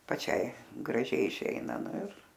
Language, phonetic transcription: Lithuanian, paˈčiai graˈžiai iˈšeina ˈnu ir

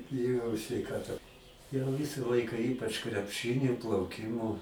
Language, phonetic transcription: Lithuanian, biˈjojau sveiˈkata jau ˈvisa ˈlaika ˈypač krepˈšɨni plauˈkimo

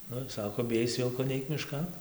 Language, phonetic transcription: Lithuanian, ˈnu ˈsako biˈjais ˈvilko ˈneik miˈškan

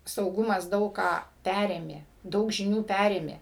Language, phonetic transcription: Lithuanian, sauˈgumas ˈdaug ką ˈpærėmė ˈdaug žiˈnių ˈpærėmė

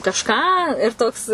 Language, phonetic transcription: Lithuanian, kažˈką ir ˈtoks

